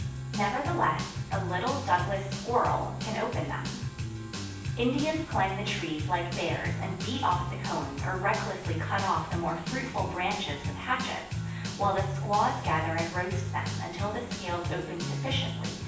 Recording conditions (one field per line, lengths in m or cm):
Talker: one person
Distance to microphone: 9.8 m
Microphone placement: far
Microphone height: 1.8 m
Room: large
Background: music